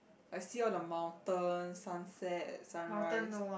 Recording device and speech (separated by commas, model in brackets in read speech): boundary microphone, conversation in the same room